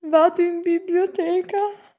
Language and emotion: Italian, fearful